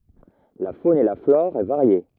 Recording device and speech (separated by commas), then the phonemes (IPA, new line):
rigid in-ear microphone, read sentence
la fon e la flɔʁ ɛ vaʁje